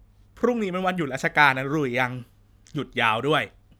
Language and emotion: Thai, neutral